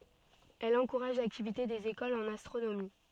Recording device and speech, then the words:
soft in-ear microphone, read sentence
Elle encourage l’activité des écoles en astronomie.

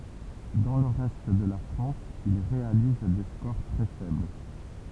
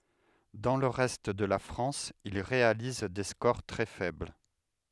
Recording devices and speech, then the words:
temple vibration pickup, headset microphone, read sentence
Dans le reste de la France, il réalise des scores très faibles.

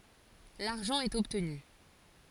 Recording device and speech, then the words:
forehead accelerometer, read sentence
L'argent est obtenu.

